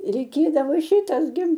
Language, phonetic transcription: Lithuanian, reiˈkėdavo ˈšitas gi

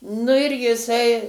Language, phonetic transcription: Lithuanian, ˈnu ir jiˈsai

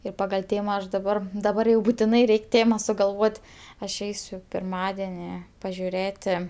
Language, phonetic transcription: Lithuanian, ir ˈpagal' ˈtėma ˈaš daˈbar daˈbar jau butiˈnai ˈreik' ˈtėma sugalˈvot' aš ˈeisiu pirˈmadeni pažiuˈrėti

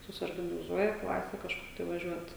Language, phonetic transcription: Lithuanian, susiorganiˈzuoja ˈklase kažˈkur tai vaˈžiuot

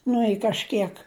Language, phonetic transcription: Lithuanian, ˈnu i kažˈkiek

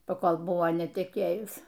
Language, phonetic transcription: Lithuanian, paˈkol ˈbuvo neteˈkėjus

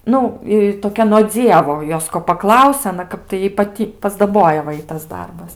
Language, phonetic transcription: Lithuanian, ˈnu i toˈkia no ˈdzievo ˈjos ko paˈklausia aˈna ˈkap tai ˈjai paˈty pasdaˈboja va ˈitas ˈdarbas

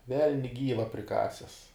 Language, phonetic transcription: Lithuanian, ˈvelni ˈgyva priˈkases

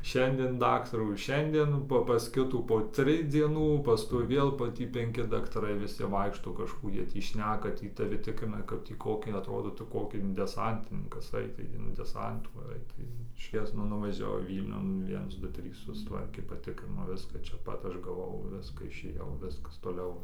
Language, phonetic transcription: Lithuanian, ˈšiandien ˈdaktarų ˈšiandien po pas ˈkitų po ˈtrij dzieˈnų pasˈkui ˈvėl po ˈtį penˈki daktaˈrai viˈsi ˈvaikšto kažˈkų ˈjie tį ˈšneka ˈtį taˈvi ˈtikrina ka tį ˈkokį atˈrodo tu ˈkoki in deˈsantininkas ˈaitai in ˈdesantų ˈaitai iš ˈjiezno nuvažiaˈvau ˈvylniun ˈviens ˈdu ˈtrys susˈtvarkė paˈtikrino ˈviska ˈčia ˈpat ˈaš gaˈvau ˈviska išˈėjau ˈviskas toˈliau

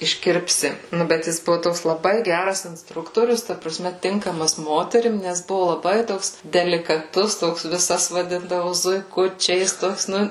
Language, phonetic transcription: Lithuanian, išˈkirpsi ˈnu bet ˈjis ˈbuvu ˈtoks laˈbai ˈgæras insˈtruktorius ta praˈsme ˈtinkamas ˈmoterim nes ˈbuvu laˈbai ˈtoks delikaˈtus ˈtoks viˈsas vaˈdindavu zuiˈkučiais ˈtoks ˈnu

